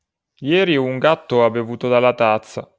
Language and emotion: Italian, sad